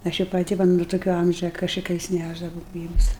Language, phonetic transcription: Lithuanian, ˈaš i paˈti ˈva nu tuˈkio ˈamžia kašiˈkais ˈnæšdavau ˈgrybus

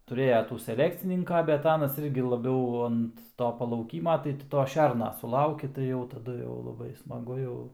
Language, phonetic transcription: Lithuanian, tuˈrėja ˈtų seˈlekcininka bet ˈanas ˈirgi laˈbiau ant ˈto palauˈkyma tai ˈti ˈto ˈšerna suˈlauki tai ˈjau taˈdu jau laˈbai smaˈgu jau

